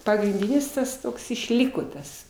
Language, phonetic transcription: Lithuanian, pagrinˈdynis ˈtas ˈtoks išˈlyko ˈtas

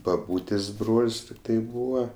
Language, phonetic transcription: Lithuanian, baˈbūtės' ˈbrol's' ˈtiktai ˈbūva

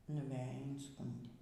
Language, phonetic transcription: Lithuanian, nuˈveji inˈskundė

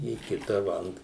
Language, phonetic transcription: Lithuanian, į ˈkita va ant

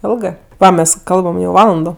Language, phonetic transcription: Lithuanian, ˈilgɜ ˈmes ˈkalbam jau ˈvalando

